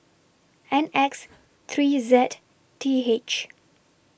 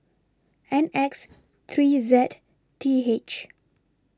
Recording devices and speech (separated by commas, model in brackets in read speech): boundary microphone (BM630), standing microphone (AKG C214), read sentence